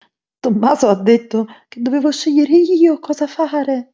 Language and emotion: Italian, fearful